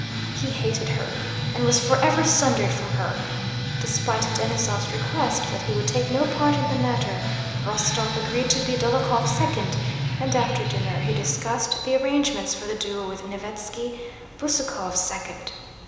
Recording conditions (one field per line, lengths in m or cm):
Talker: one person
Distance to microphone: 1.7 m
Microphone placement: close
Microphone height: 1.0 m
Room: very reverberant, large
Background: music